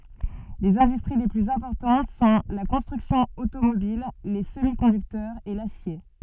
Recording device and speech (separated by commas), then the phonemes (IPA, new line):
soft in-ear microphone, read sentence
lez ɛ̃dystʁi le plyz ɛ̃pɔʁtɑ̃t sɔ̃ la kɔ̃stʁyksjɔ̃ otomobil le səmi kɔ̃dyktœʁz e lasje